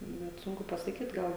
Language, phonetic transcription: Lithuanian, net ˈsunku pasaˈkyt ˈgal

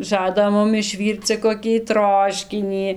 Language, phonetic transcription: Lithuanian, ˈžada ˈmum išˈvyrc cia koˈkį ˈtroškinį

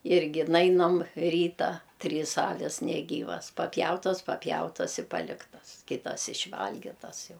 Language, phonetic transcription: Lithuanian, ˈirgi ˈnainam ˈryta ˈtrys ˈavis neˈgyvas papˈjautas papˈjautas i ˈpaliktas ˈkitas iš'ˈvalgitas ˈjau

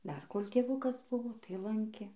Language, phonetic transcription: Lithuanian, dar kol' tėˈvukas ˈbuvo tai ˈlankė

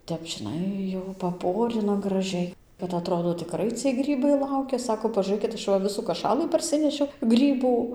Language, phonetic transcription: Lithuanian, ˈtep žiˈnai jau paˈporina graˈžiai kad aˈtrodo tikˈrai ciej ˈgrybai ˈlaukia ˈsako pažūˈrɘkit ˈaš va ˈvisų kaˈšalɨ parˈsinešiau ˈgrybų

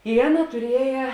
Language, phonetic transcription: Lithuanian, i ˈaˌna tuˈrieja

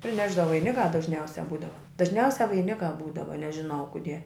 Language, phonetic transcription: Lithuanian, priˈnešda vaiˈnikā dažˈniausia ˈbūdava dažˈniausia vaiˈnikā ˈbūdava nežiˈnau ˈkudie

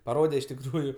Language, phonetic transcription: Lithuanian, paˈrode iš tikˈrųju

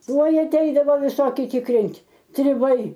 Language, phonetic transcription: Lithuanian, ˈtuoj aˈteidavo viˈsoki tikˈrint' triˈbai

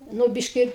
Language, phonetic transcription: Lithuanian, ˈnu ˈbiški

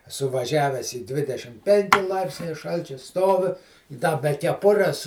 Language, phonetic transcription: Lithuanian, eˈsu vaˈžiavęs i ˈdvidešim ˈpenki ˈlaipsniai ˈšalčiu ˈstovi i ˈda be keˈpures

